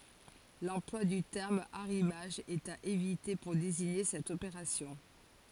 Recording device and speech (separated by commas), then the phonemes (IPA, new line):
forehead accelerometer, read sentence
lɑ̃plwa dy tɛʁm aʁimaʒ ɛt a evite puʁ deziɲe sɛt opeʁasjɔ̃